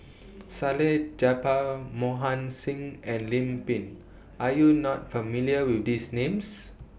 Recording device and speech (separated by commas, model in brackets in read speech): boundary microphone (BM630), read sentence